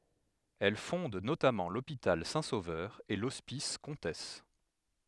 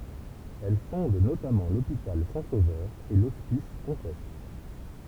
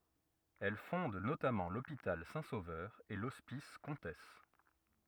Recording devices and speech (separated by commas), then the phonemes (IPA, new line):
headset microphone, temple vibration pickup, rigid in-ear microphone, read sentence
ɛl fɔ̃d notamɑ̃ lopital sɛ̃ sovœʁ e lɔspis kɔ̃tɛs